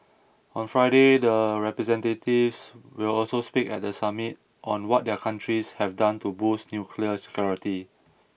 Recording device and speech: boundary microphone (BM630), read sentence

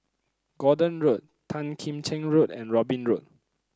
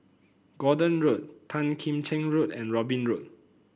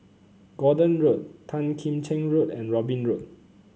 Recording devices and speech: close-talking microphone (WH30), boundary microphone (BM630), mobile phone (Samsung C9), read sentence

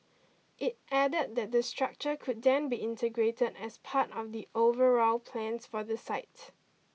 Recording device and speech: mobile phone (iPhone 6), read sentence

